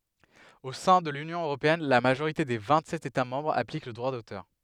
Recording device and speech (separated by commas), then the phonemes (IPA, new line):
headset microphone, read sentence
o sɛ̃ də lynjɔ̃ øʁopeɛn la maʒoʁite de vɛ̃tsɛt etamɑ̃bʁz aplik lə dʁwa dotœʁ